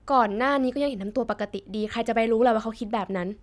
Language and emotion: Thai, neutral